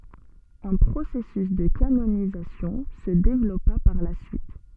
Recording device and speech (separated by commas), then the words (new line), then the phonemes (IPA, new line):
soft in-ear microphone, read sentence
Un processus de canonisation se développa par la suite.
œ̃ pʁosɛsys də kanonizasjɔ̃ sə devlɔpa paʁ la syit